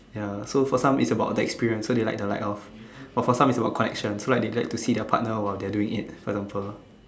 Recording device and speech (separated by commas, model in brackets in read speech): standing microphone, conversation in separate rooms